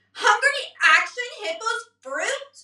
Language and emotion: English, disgusted